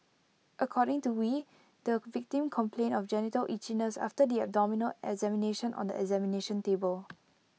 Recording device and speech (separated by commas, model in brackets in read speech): mobile phone (iPhone 6), read sentence